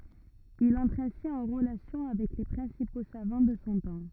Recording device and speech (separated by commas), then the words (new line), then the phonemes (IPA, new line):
rigid in-ear microphone, read sentence
Il entre ainsi en relation avec les principaux savants de son temps.
il ɑ̃tʁ ɛ̃si ɑ̃ ʁəlasjɔ̃ avɛk le pʁɛ̃sipo savɑ̃ də sɔ̃ tɑ̃